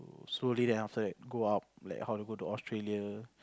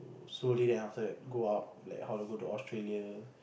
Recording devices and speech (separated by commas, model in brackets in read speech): close-talking microphone, boundary microphone, conversation in the same room